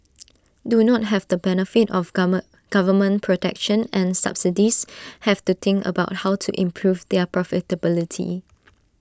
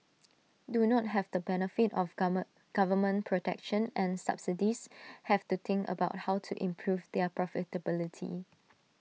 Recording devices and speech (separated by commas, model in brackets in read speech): standing microphone (AKG C214), mobile phone (iPhone 6), read sentence